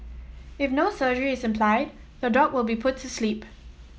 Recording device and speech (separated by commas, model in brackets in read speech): mobile phone (iPhone 7), read sentence